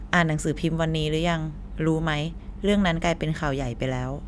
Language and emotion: Thai, neutral